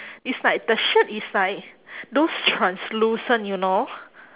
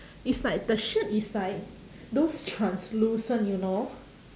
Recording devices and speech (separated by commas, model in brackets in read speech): telephone, standing microphone, conversation in separate rooms